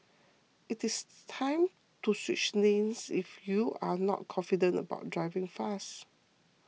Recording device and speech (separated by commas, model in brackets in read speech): mobile phone (iPhone 6), read sentence